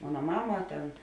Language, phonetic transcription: Lithuanian, ˈmona ˈmama ˈten

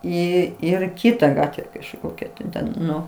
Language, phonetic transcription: Lithuanian, ˈį ˈir ˈkyta ˈgatve kažˈkokia tai ˈten ˈnu

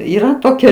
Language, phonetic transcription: Lithuanian, yˈra ˈtokia

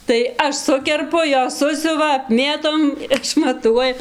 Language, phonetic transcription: Lithuanian, tai ˈaš ˈsukerpu ˈjos ˈsusiuva apˈmėtom išmaˈtuoja

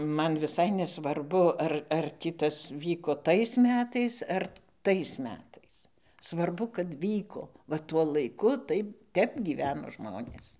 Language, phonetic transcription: Lithuanian, ˈman viˈsai nesvarˈbu ˈar ar ˈtį ˈtas ˈvyko ˈtais ˈmetais ar ˈtais ˈmetais svarˈbu kad ˈvyko va ˈtuo laiˈku ˈtaip ˈtep gyˈveno ˈžmonės

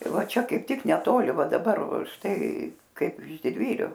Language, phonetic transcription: Lithuanian, ˈva ˈčia kaip ˈtik neˈtoli ˈva daˈbar ˈštai ˈkaip iš didˈvyriu

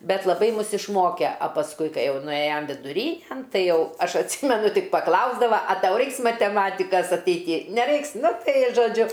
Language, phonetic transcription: Lithuanian, ˈbet laˈbai ˈmus išˈmoke a pasˈkui ˈkai ˈjau nuˈėjom viduˈrynen ˈtai ˈjau ˈaš atˈsymenu ˈtik paˈklausdava a ˈtau ˈraiks mateˈmatikas ateiˈty neˈraiks ˈnu ˈtai i žoˈdžiu

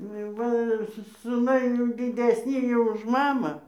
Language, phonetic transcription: Lithuanian, ˈnu jau ˈva ˈsu suˈnai jau didesˈny jau už ˈmamą

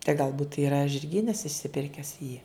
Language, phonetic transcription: Lithuanian, tai galˈbūt yra žirˈgynas išsiˈpirkęs jį

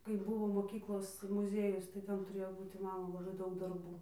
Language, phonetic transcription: Lithuanian, kai ˈbuvo moˈkyklos muˈziejus tai ˈten tuˈrėjo ˈbūti ˈmano laˈbai ˈdaug darˈbų

